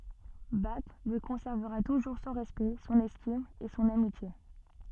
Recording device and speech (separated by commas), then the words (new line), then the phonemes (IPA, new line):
soft in-ear microphone, read sentence
Bach lui conservera toujours son respect, son estime et son amitié.
bak lyi kɔ̃sɛʁvəʁa tuʒuʁ sɔ̃ ʁɛspɛkt sɔ̃n ɛstim e sɔ̃n amitje